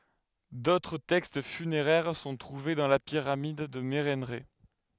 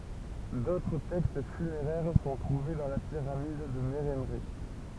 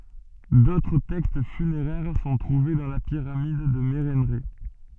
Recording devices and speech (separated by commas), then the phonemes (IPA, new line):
headset microphone, temple vibration pickup, soft in-ear microphone, read sentence
dotʁ tɛkst fyneʁɛʁ sɔ̃ tʁuve dɑ̃ la piʁamid də meʁɑ̃ʁɛ